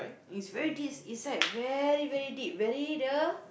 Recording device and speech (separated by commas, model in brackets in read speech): boundary microphone, conversation in the same room